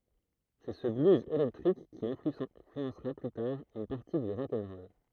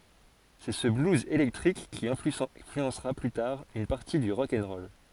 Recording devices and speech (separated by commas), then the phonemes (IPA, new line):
throat microphone, forehead accelerometer, read sentence
sɛ sə bluz elɛktʁik ki ɛ̃flyɑ̃sʁa ply taʁ yn paʁti dy ʁɔk ɛn ʁɔl